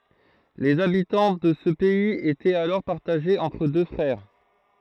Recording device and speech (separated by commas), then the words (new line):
throat microphone, read sentence
Les habitants de ce pays étaient alors partagés entre deux frères.